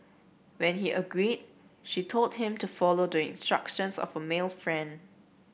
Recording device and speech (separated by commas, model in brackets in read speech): boundary microphone (BM630), read sentence